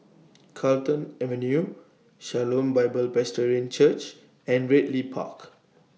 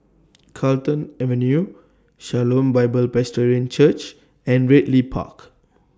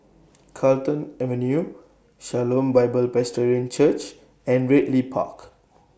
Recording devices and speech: mobile phone (iPhone 6), standing microphone (AKG C214), boundary microphone (BM630), read sentence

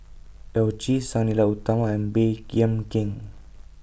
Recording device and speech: boundary microphone (BM630), read sentence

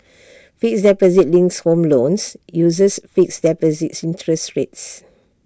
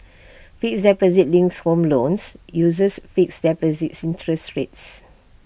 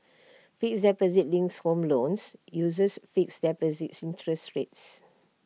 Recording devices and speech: standing microphone (AKG C214), boundary microphone (BM630), mobile phone (iPhone 6), read sentence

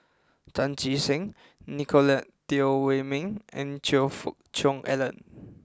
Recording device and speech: close-talking microphone (WH20), read sentence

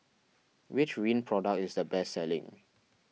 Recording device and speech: mobile phone (iPhone 6), read sentence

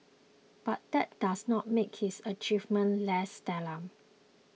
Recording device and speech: mobile phone (iPhone 6), read sentence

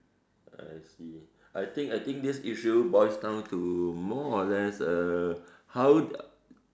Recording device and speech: standing microphone, conversation in separate rooms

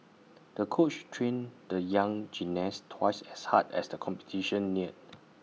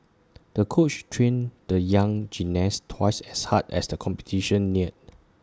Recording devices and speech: mobile phone (iPhone 6), standing microphone (AKG C214), read sentence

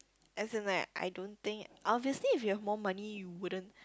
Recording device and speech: close-talking microphone, conversation in the same room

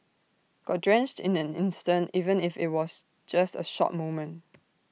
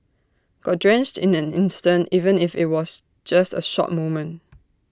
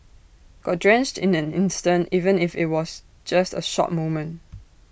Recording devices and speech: mobile phone (iPhone 6), standing microphone (AKG C214), boundary microphone (BM630), read sentence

